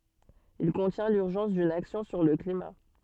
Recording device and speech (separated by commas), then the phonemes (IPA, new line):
soft in-ear microphone, read sentence
il kɔ̃tjɛ̃ lyʁʒɑ̃s dyn aksjɔ̃ syʁ lə klima